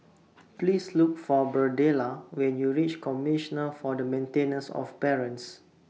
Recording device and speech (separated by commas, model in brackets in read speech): mobile phone (iPhone 6), read sentence